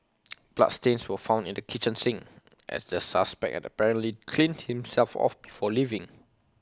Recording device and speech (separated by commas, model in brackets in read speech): close-talking microphone (WH20), read sentence